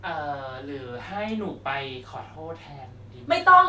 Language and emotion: Thai, frustrated